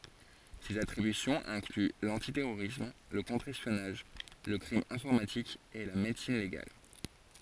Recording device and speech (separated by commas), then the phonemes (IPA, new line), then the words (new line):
forehead accelerometer, read sentence
sez atʁibysjɔ̃z ɛ̃kly lɑ̃titɛʁoʁism lə kɔ̃tʁ ɛspjɔnaʒ lə kʁim ɛ̃fɔʁmatik e la medəsin leɡal
Ses attributions incluent l'antiterrorisme, le contre-espionnage, le crime informatique et la médecine légale.